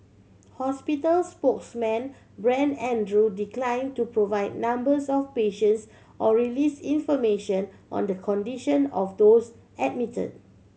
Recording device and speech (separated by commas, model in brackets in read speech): mobile phone (Samsung C7100), read sentence